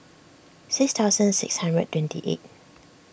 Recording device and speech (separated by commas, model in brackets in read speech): boundary microphone (BM630), read sentence